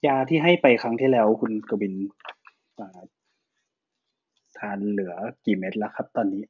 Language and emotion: Thai, neutral